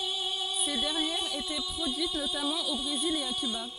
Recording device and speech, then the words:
forehead accelerometer, read sentence
Ces dernières étaient produites notamment au Brésil et à Cuba.

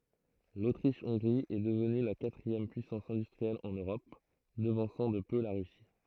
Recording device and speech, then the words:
throat microphone, read sentence
L'Autriche-Hongrie est devenue la quatrième puissance industrielle en Europe, devançant de peu la Russie.

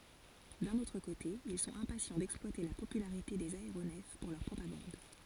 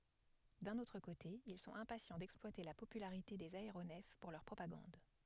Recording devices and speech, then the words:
forehead accelerometer, headset microphone, read sentence
D'un autre côté, ils sont impatients d'exploiter la popularité des aéronefs pour leur propagande.

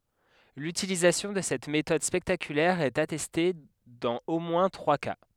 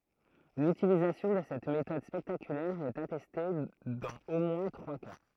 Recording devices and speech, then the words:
headset microphone, throat microphone, read sentence
L'utilisation de cette méthode spectaculaire est attestée dans au moins trois cas.

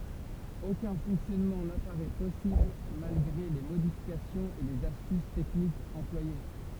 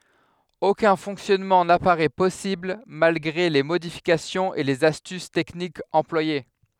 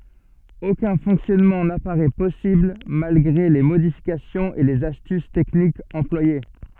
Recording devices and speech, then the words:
temple vibration pickup, headset microphone, soft in-ear microphone, read sentence
Aucun fonctionnement n'apparaît possible malgré les modifications et les astuces techniques employées.

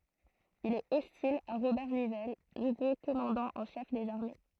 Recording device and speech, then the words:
throat microphone, read sentence
Il est hostile à Robert Nivelle, nouveau commandant en chef des armées.

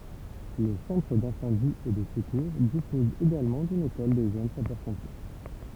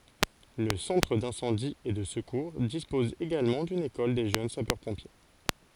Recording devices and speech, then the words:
temple vibration pickup, forehead accelerometer, read sentence
Le Centre d'Incendie et de Secours dispose également d'une école des Jeunes Sapeurs-Pompiers.

